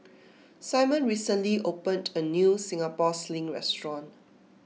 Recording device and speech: mobile phone (iPhone 6), read sentence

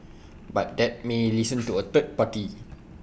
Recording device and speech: boundary microphone (BM630), read sentence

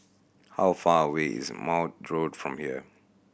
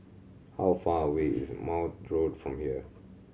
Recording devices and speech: boundary microphone (BM630), mobile phone (Samsung C7100), read sentence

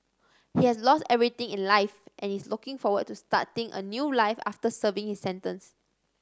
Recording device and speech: standing microphone (AKG C214), read sentence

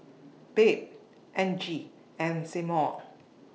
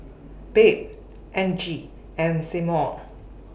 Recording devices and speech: mobile phone (iPhone 6), boundary microphone (BM630), read sentence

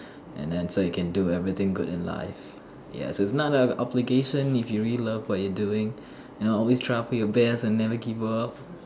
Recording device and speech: standing microphone, conversation in separate rooms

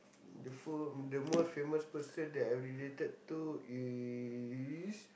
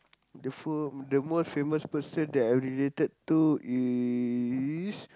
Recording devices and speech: boundary microphone, close-talking microphone, conversation in the same room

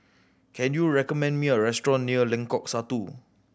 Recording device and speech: boundary microphone (BM630), read sentence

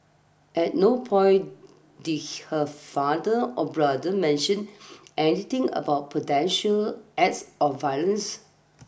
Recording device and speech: boundary microphone (BM630), read sentence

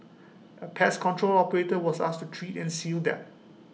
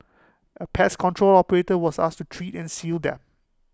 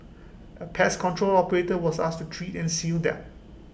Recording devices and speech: mobile phone (iPhone 6), close-talking microphone (WH20), boundary microphone (BM630), read sentence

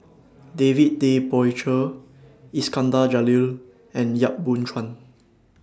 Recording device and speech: standing microphone (AKG C214), read sentence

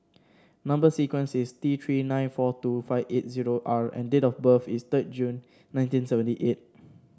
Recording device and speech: standing microphone (AKG C214), read sentence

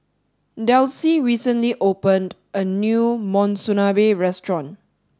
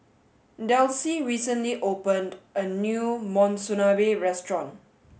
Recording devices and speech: standing microphone (AKG C214), mobile phone (Samsung S8), read sentence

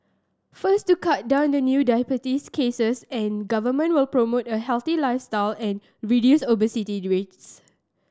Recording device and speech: standing microphone (AKG C214), read sentence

